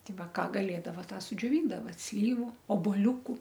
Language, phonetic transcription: Lithuanian, ˈti ˈva ˈką gaˈlėdava ˈtą sudžioˈvyndava ˈslyvu obolˈiūku

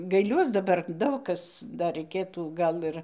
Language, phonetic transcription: Lithuanian, gaiˈliuos daˈbar ˈdaug kas ˈdar raiˈkėtų ˈgal ir

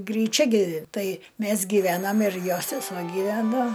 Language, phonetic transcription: Lithuanian, gryˈčia ˈgi ˈtai ˈmæs giˈvenam ir ˈjo sesuo gyˈveno

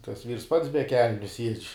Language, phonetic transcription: Lithuanian, tas vyrs ˈpats be ˈkelniu siedž'

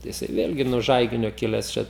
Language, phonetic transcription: Lithuanian, jiˈsai ˈvėlgi nuo ˈžaiginio ˈkiles čia

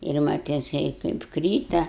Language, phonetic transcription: Lithuanian, ir ˈmat jiˈsai kaip ˈkryta

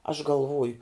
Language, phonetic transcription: Lithuanian, aš galˈvoju

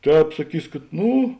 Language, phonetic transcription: Lithuanian, ˈtēp saˈkys kad ˈnu

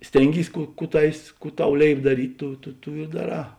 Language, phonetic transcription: Lithuanian, ˈstėnˌgys ˈkų ˈkų ˈtavės ˈkų ˈtau ˈlėip daˈryt' ˈtu tu ˈtų i daˈrā

